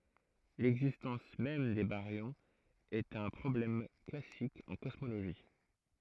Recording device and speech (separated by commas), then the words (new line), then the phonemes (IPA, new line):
throat microphone, read sentence
L'existence même des baryons est un problème classique en cosmologie.
lɛɡzistɑ̃s mɛm de baʁjɔ̃z ɛt œ̃ pʁɔblɛm klasik ɑ̃ kɔsmoloʒi